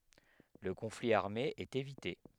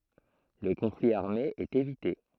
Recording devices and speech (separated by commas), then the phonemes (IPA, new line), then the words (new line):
headset microphone, throat microphone, read sentence
lə kɔ̃fli aʁme ɛt evite
Le conflit armé est évité.